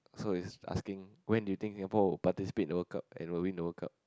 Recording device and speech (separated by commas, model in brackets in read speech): close-talking microphone, conversation in the same room